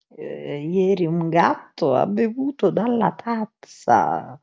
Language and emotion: Italian, disgusted